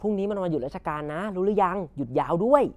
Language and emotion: Thai, happy